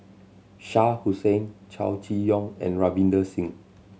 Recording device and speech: mobile phone (Samsung C7100), read sentence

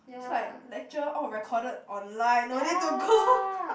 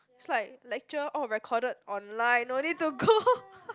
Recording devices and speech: boundary microphone, close-talking microphone, conversation in the same room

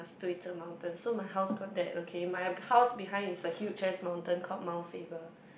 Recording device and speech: boundary microphone, conversation in the same room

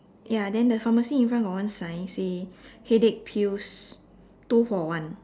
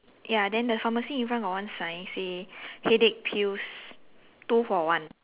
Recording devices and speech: standing microphone, telephone, conversation in separate rooms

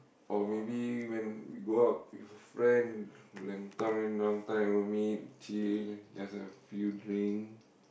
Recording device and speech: boundary microphone, conversation in the same room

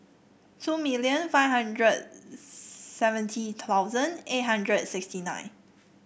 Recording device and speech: boundary microphone (BM630), read sentence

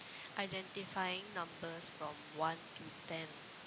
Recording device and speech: close-talking microphone, conversation in the same room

